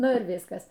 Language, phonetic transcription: Lithuanian, ˈnu ir ˈviskas

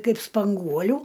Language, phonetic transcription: Lithuanian, ˈkaip spanˈguoliu

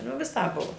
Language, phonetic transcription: Lithuanian, nu viˈsāp ˈbuvo

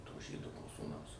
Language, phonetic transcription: Lithuanian, to ˈžydo nu sūˈnaus

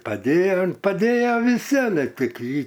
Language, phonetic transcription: Lithuanian, paˈdėja paˈdėja viˈsi aˈle ˈtik ˈjį

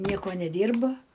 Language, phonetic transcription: Lithuanian, ˈnieko neˈdyrba

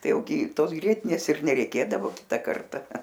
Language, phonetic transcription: Lithuanian, ˈtai ˈjau gi ˈtos ˈgrietinės ir nereiˈkėdavo ˈkita ˈkarta

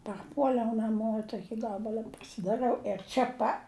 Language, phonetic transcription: Lithuanian, parˈpuoliau naˈmo i ˈtoki ˈgabala pasidaˈrɨau ir ˈčia pa

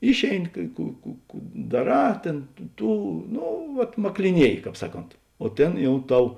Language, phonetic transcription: Lithuanian, ˈišėiˌni kai ˈkų kų kų daˈrā ˈtėn ˈtų ˈno ˈvat makliˈnieji ˈkāp ˈsaˌkont o ˈtėn ˈjau ˈtau

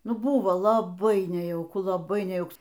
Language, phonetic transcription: Lithuanian, ˈnu ˈbuvo laˈbai nejauˈku laˈbai nejauˈks

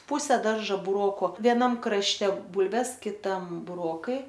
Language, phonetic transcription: Lithuanian, ˈpuse ˈdarža burˈoku vieˈnam krašˈte ˈbulves kiˈtam buˈrokai

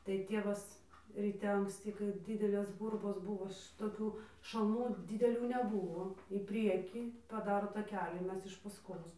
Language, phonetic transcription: Lithuanian, tai ˈtievas ryˈte anksˈty kai ˈdidelės ˈgurbos ˈbuvo šitoˈkių šalˈnų dideˈlių neˈbuvo į ˈpriekį paˈdaro taˈkelį ˈmes iš ˈpaskos

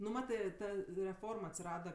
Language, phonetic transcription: Lithuanian, nu ˈmatɜ ˈta reˈform atsiˈrada

